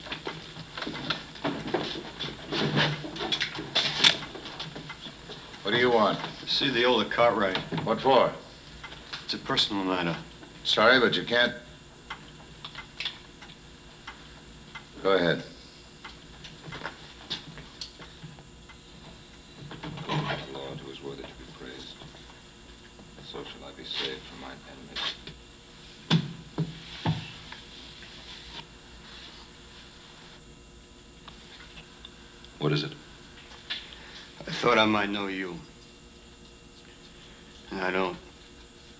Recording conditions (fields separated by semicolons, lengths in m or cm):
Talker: no one; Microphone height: 1.1 m; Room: large; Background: television